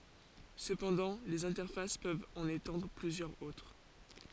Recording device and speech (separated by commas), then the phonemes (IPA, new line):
forehead accelerometer, read sentence
səpɑ̃dɑ̃ lez ɛ̃tɛʁfas pøvt ɑ̃n etɑ̃dʁ plyzjœʁz otʁ